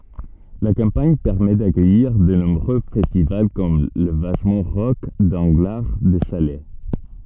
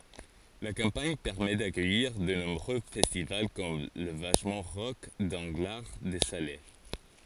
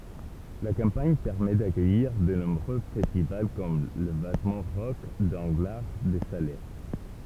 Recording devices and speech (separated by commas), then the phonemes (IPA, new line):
soft in-ear microphone, forehead accelerometer, temple vibration pickup, read sentence
la kɑ̃paɲ pɛʁmɛ dakœjiʁ də nɔ̃bʁø fɛstival kɔm la vaʃmɑ̃ ʁɔk dɑ̃ɡlaʁ də sale